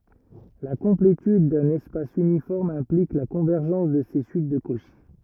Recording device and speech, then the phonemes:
rigid in-ear microphone, read sentence
la kɔ̃pletyd dœ̃n ɛspas ynifɔʁm ɛ̃plik la kɔ̃vɛʁʒɑ̃s də se syit də koʃi

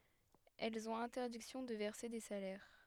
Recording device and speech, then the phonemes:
headset microphone, read sentence
ɛlz ɔ̃t ɛ̃tɛʁdiksjɔ̃ də vɛʁse de salɛʁ

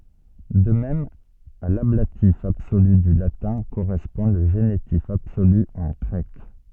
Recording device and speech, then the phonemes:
soft in-ear microphone, read sentence
də mɛm a lablatif absoly dy latɛ̃ koʁɛspɔ̃ lə ʒenitif absoly ɑ̃ ɡʁɛk

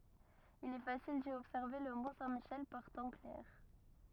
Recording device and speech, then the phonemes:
rigid in-ear microphone, read sentence
il ɛ fasil di ɔbsɛʁve lə mɔ̃ sɛ̃ miʃɛl paʁ tɑ̃ klɛʁ

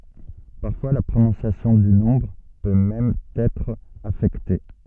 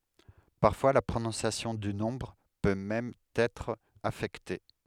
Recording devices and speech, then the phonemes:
soft in-ear microphone, headset microphone, read sentence
paʁfwa la pʁonɔ̃sjasjɔ̃ dy nɔ̃bʁ pø mɛm ɑ̃n ɛtʁ afɛkte

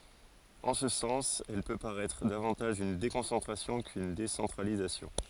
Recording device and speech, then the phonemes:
forehead accelerometer, read sentence
ɑ̃ sə sɑ̃s ɛl pø paʁɛtʁ davɑ̃taʒ yn dekɔ̃sɑ̃tʁasjɔ̃ kyn desɑ̃tʁalizasjɔ̃

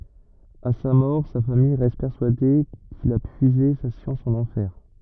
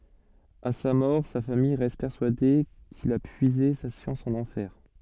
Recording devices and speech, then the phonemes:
rigid in-ear microphone, soft in-ear microphone, read sentence
a sa mɔʁ sa famij ʁɛst pɛʁsyade kil a pyize sa sjɑ̃s ɑ̃n ɑ̃fɛʁ

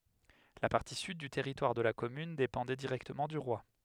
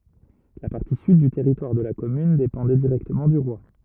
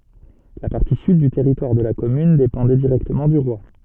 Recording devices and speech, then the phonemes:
headset microphone, rigid in-ear microphone, soft in-ear microphone, read sentence
la paʁti syd dy tɛʁitwaʁ də la kɔmyn depɑ̃dɛ diʁɛktəmɑ̃ dy ʁwa

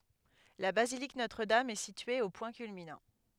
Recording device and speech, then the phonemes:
headset microphone, read sentence
la bazilik notʁədam ɛ sitye o pwɛ̃ kylminɑ̃

